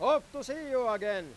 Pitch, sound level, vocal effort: 260 Hz, 106 dB SPL, very loud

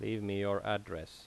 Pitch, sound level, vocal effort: 100 Hz, 83 dB SPL, normal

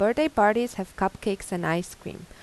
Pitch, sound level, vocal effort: 205 Hz, 86 dB SPL, normal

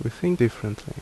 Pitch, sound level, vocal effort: 120 Hz, 73 dB SPL, normal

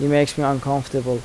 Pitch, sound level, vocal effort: 140 Hz, 83 dB SPL, normal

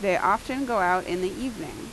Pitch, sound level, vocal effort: 230 Hz, 87 dB SPL, loud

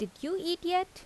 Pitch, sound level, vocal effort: 350 Hz, 84 dB SPL, normal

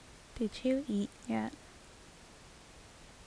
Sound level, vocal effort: 72 dB SPL, soft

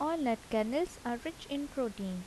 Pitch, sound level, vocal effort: 250 Hz, 78 dB SPL, soft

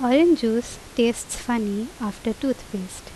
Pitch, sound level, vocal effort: 235 Hz, 81 dB SPL, normal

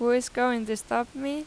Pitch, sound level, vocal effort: 245 Hz, 89 dB SPL, normal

